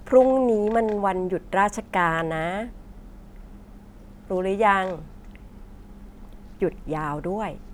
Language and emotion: Thai, neutral